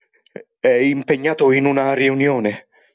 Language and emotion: Italian, fearful